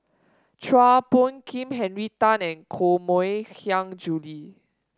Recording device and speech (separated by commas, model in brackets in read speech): standing microphone (AKG C214), read sentence